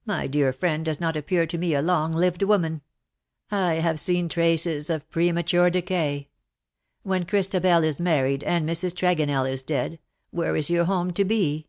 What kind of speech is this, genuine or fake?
genuine